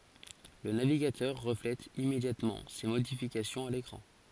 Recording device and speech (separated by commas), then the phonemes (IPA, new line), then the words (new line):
forehead accelerometer, read sentence
lə naviɡatœʁ ʁəflɛt immedjatmɑ̃ se modifikasjɔ̃z a lekʁɑ̃
Le navigateur reflète immédiatement ces modifications à l'écran.